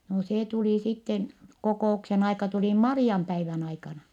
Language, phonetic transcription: Finnish, no see tulì sitten , kokò₍uksen ‿aika tulì Mari₍ampäivän ‿aikana .
- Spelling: no se tuli sitten kokouksen aika tuli Marianpäivän aikana

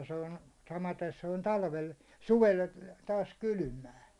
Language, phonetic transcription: Finnish, ja se on , 'samaten se on 'talvel- , "suvel , taas "kylʸmää .
- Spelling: ja se on samaten se on - suvella taas kylmää

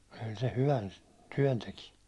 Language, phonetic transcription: Finnish, kyl se 'hyvän , 'tyäₒn teki .
- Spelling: kyllä se hyvän työn teki

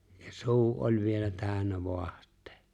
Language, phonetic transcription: Finnish, ja "suu '’oĺ vielä 'tääᵒ̈nnä 'voaht̀ᴇᴇ .
- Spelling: ja suu oli vielä täynnä vaahtoa

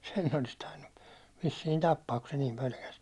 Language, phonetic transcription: Finnish, 'sen ne olis 'tainnu , vissiin 'tappaak ku se niim 'pölkäs .
- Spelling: sen ne olisi tainnut vissiin tappaa kun se niin pelkäsi

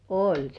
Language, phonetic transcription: Finnish, oĺ 'se .
- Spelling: oli se

